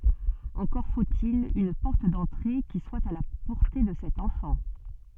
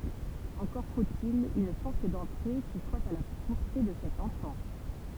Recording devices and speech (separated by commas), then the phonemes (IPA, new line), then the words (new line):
soft in-ear microphone, temple vibration pickup, read sentence
ɑ̃kɔʁ fot il yn pɔʁt dɑ̃tʁe ki swa a la pɔʁte də sɛt ɑ̃fɑ̃
Encore faut-il une porte d’entrée qui soit à la portée de cet enfant.